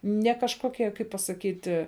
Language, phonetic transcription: Lithuanian, ne kažkoˈkie kaip pasaˈkyti

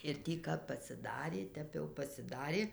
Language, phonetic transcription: Lithuanian, ir ˈtį kap pasiˈdarė ˈtep jau pasiˈdarė

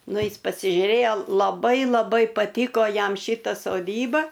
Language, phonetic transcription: Lithuanian, ˈnu ˈis pasižiuˈrėjo laˈbai laˈbai paˈtyko ˈjam ˈšyta soˈdyba

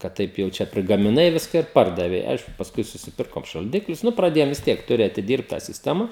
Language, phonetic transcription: Lithuanian, kad ˈtaip jau ˈčia prigamiˈnai ˈviska ir ˈpardavei ˈaišku pasˈkui susiˈpirkom šalˈdiklius ˈnu praˈdėjom vis ˈtiek ˈturi atiˈdyrbt tą sisˈtema

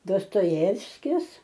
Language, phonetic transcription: Lithuanian, dostoˈjevskis

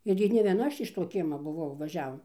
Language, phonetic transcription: Lithuanian, ir gi ne vieˈna ˈaš iš ˈto ˈkiema buˈvau vaˈžiavom

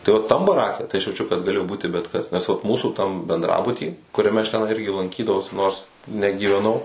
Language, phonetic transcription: Lithuanian, tai ˈo ˈtam baˈrake tai aš jauˈčiu kad gaˈlėjo ˈbūti bet kas nes vat ˈmūsų tam bendˈrabuty kuriaˈme aš teˈnai ˈirgi lanˈkydavaus ˈnors negyveˈnau

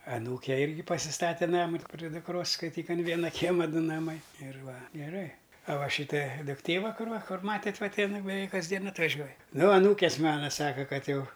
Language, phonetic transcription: Lithuanian, aˈnūke ˈirgi pasiˈstate ˈnamu pri dukˈros skaiˈtyk an ˈviena ˈkiema ˈdu naˈmai ir ˈva geˈrai a ˈva ˈšyta dukˈtė ˈva ˈkur ˈva ˈmatėt' ˈva ti in beˈveik kasˈdien atvaˈžiuoj ˈnu aˈnūkės ˈmana ˈsaka ˈkad ˈjau

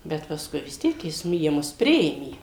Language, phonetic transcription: Lithuanian, ˈbet pasˈkui vis ˈtiek jis nu jie ˈmus ˈpriėmė

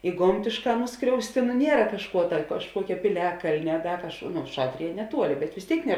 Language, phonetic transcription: Lithuanian, i ˈgomtėšˌkā ˈnuskriausti nu ˈniera kažˈkuo ta kažˈkuokia piˈliakalnia a ˈda kažˈkuo nu ˈšatrija neˈtuoli bet vis ˈtėik ne

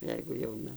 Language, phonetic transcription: Lithuanian, ˈjeigu jauˈna

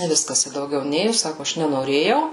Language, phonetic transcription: Lithuanian, i ˈviskas i dauˈgiau ˈnėju ˈsaku ˈaš nenoˈrėjau

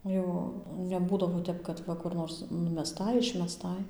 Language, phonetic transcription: Lithuanian, ˈjau neˈbūdavo ˈtep kad ˈva kur ˈnors numeˈstai išmeˈstai

